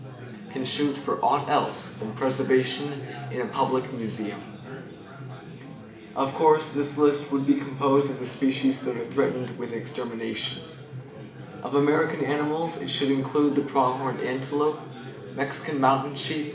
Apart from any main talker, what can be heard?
Crowd babble.